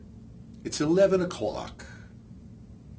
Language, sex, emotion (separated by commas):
English, male, disgusted